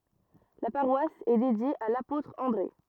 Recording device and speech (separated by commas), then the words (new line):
rigid in-ear microphone, read sentence
La paroisse est dédiée à l'apôtre André.